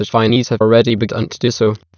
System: TTS, waveform concatenation